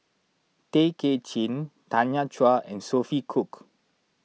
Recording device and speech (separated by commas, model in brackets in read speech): mobile phone (iPhone 6), read sentence